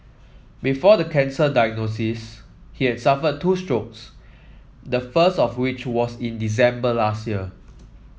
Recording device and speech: mobile phone (iPhone 7), read sentence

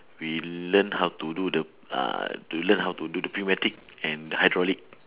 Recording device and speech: telephone, conversation in separate rooms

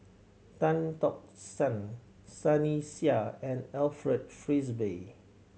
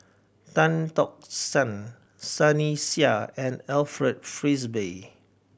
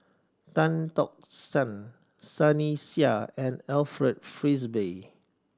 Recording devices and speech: mobile phone (Samsung C7100), boundary microphone (BM630), standing microphone (AKG C214), read sentence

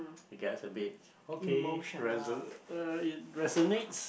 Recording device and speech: boundary microphone, conversation in the same room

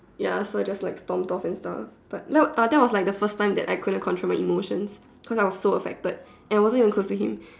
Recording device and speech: standing microphone, conversation in separate rooms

